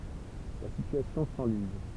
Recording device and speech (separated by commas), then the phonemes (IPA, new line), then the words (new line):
temple vibration pickup, read sentence
la sityasjɔ̃ sɑ̃liz
La situation s'enlise.